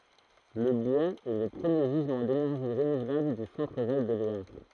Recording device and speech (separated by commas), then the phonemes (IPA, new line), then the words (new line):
throat microphone, read sentence
lə bwaz ɛ lə pʁəmje ʒizmɑ̃ denɛʁʒi ʁənuvlabl dy sɑ̃tʁ val də lwaʁ
Le bois est le premier gisement d’énergie renouvelable du Centre-Val de Loire.